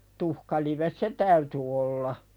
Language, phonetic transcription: Finnish, 'tuhkalives "se täyty olla .
- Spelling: tuhkalive se täytyi olla

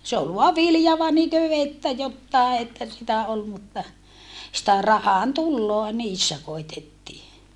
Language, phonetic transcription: Finnish, se ol voa vilja - - että jottàe että sitä ol mutta , sⁱtä rahantulloa niissä koittettii .
- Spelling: se oli vain vilja että jotakin että sitä oli mutta sitä rahantuloa niissä koetettiin

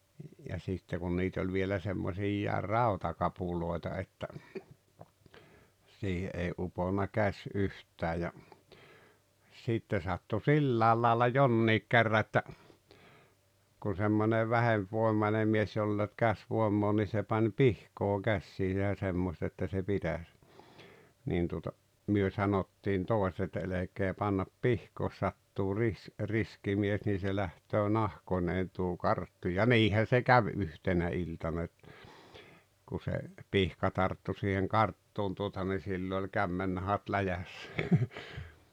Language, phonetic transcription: Finnish, ja sìtte kun 'niit ‿oĺ vielä 'semmoosiijjàer "rautakapulòeta että , siihe ’ei '’uponna 'käś 'yht̀ää ja , sìtte sattu "sillääl laalla "jonniik kerra ‿että , kun̬ semmonev 'vähempvòemane mies 'joll ‿e ‿olt 'käsvoemmoo ni 'se pań "pihkoo "kässiisä ja 'semmost ‿että se 'pitäs , niin tuota , myö 'sanottiin 'toesᵉᵗ (että) » 'elek̀ee pannap "pihkoo jos 'sattuu 'ris- , 'riski mies nii se 'läht̀öö "nahkoneen tuo 'karttu « ja "niihän̬ se "käv 'yhtenä 'iltana et , ku se , 'pihka 'tarttu siiheŋ "karttuun tuota ni 'sillo oĺ "kämmennahat "läjässᴀ̈ .
- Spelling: ja sitten kun niitä oli vielä semmoisia rautakapuloita että siihen ei uponnut käsi yhtään ja sitten sattui sillä lailla jonkin kerran että kun semmoinen vähempivoimainen mies jolla ei ollut käsivoimaa niin se pani pihkaa käsiinsä ja semmoista että se pitäisi niin tuota me sanottiin toiset että älkää panko pihkaa jos sattuu - riski mies niin se lähtee nahkoineen tuo karttu ja niinhän se kävi yhtenä iltana että kun se pihka tarttui siihen karttuun tuota niin silloin oli kämmennahat läjässä

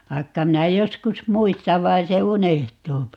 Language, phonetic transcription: Finnish, 'vaikka 'minä 'joskus "muistav 'vai̮n se "unehtuupi .
- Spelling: vaikka minä joskus muistan vaan se unohtuu

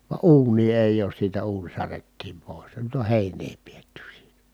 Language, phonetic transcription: Finnish, va uun̆nii èij ‿oos siitä uuń särettiim pòis ja nyt ‿o hèiǹee pietty siiNÄ .
- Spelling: vaan uunia ei ole siitä uuni särjettiin pois ja nyt on heinää pidetty siinä

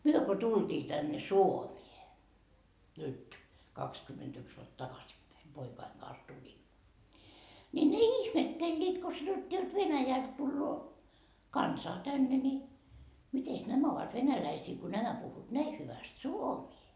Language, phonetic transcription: Finnish, 'myö ko tulDii tänne "Suomie , nyt , 'kakskymmentyks vuot 'takasippäi , 'poikaiŋ Gans 'tulin , ńi ne "ihmettelliit ko sanottii jot "Venäjält tulloo , "kansaa 'tänne ni , 'mites 'nämä ovat "venäläisii ko nämä 'puhhuut 'näi 'hyväst "suomii .
- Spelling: me kun tultiin tänne Suomeen nyt kaksikymmentäyksi vuotta takaisinpäin poikani kanssa tulin niin ne ihmettelivät kun sanottiin jotta Venäjältä tulee kansaa tänne niin mitenkäs nämä ovat venäläisiä kun nämä puhuvat näin hyvästi suomea

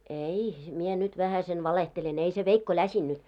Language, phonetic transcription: Finnish, 'ei , mie 'nyt vähäisen 'valehtelen , ei se veikko 'läsinnyt .
- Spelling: ei minä nyt vähäsen valehtelen ei se veikko läsinyt

